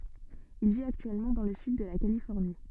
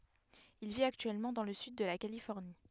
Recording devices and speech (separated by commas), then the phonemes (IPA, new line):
soft in-ear microphone, headset microphone, read sentence
il vit aktyɛlmɑ̃ dɑ̃ lə syd də la kalifɔʁni